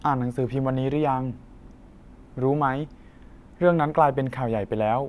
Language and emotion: Thai, neutral